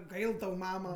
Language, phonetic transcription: Lithuanian, ˈgail tau ˈmama

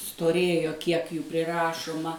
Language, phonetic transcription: Lithuanian, stoˈrėjo ˈkiek ˈjų priˈrašuma

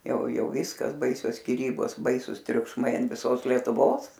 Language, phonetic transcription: Lithuanian, ˈjau ˈjau ˈviskas ˈbaisios skiˈrybos ˈbaisus triukšˈmai an viˈsos lietuˈvos

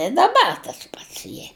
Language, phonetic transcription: Lithuanian, i daˈbar tas ˈpats ˈjie

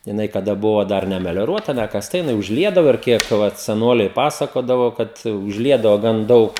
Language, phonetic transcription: Lithuanian, jiˈnai kaˈda ˈbuvo ˈdar nemelioˈruota nekasˈta jiˈnai užˈliedavo ir ˈkiek ˈvat seˈnoliai ˈpasakodavo ˈkad užˈliedavo ˈgan ˈdaug

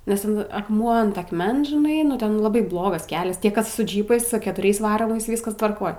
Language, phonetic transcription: Lithuanian, nes ˈten akˈmuo ant akˈmens žiˈnai nu ˈten laˈbai ˈblogas ˈkelias ˈtie ˈkas su ˈdžypais su ketuˈriais ˈvaromais ˈvyskas tvarˈkoj

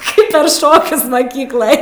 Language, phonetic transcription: Lithuanian, ˈkaip per ˈšokius maˈkyklaj

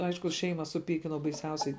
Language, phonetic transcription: Lithuanian, ˈaišku ˈšeima suˈpykinau baiˈsiausiai

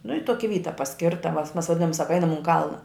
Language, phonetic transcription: Lithuanian, nu i ˈtoki ˈvyta paˈskirta mas mas vaˈdinom ˈsaka ˈainam un ˈkalna

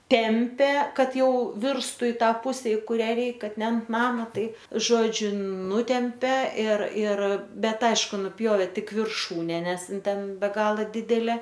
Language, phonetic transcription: Lithuanian, ˈtempė ˈkad ˈjau ˈvirstų i ˈtą ˈpuse i ˈkuria ˈreik ˈkad ne ant ˈnama ˈtaip ˈžodžiu ˈnutempe ir ir ˈbet ˈaišku nuˈpjovė ˈtik virˈšūne ˈnes ˈin ˈten be ˈgala ˈdidelė

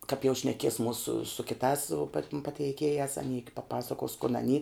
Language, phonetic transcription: Lithuanian, kap jau šneˈkies ˈmūsu su kiˈtās su patim pateiˈkėjās aˈny paˈpasakos kun aˈny

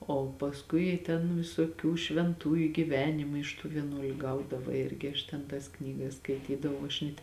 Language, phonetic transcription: Lithuanian, ˈo pasˈkui ten visoˈkių švenˈtųju giˈvenimai iš ˈtų vieˈnuoliu gauˈdava ˈirgi aš ten ˈtas ˈknygas skaiˈtydavau aš net'

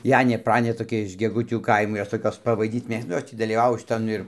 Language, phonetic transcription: Lithuanian, ˈjanė ˈpranė toˈkia iš geˈgutių ˈkaimo ˈjos ˈtokios paˈvaidyt ˈmėgsta ˈnu ˈjos tį dalyˈvavo šiˈtan ir

